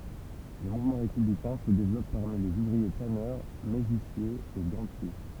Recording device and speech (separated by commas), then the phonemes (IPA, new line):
temple vibration pickup, read sentence
lə muvmɑ̃ ʁepyblikɛ̃ sə devlɔp paʁmi lez uvʁie tanœʁ meʒisjez e ɡɑ̃tje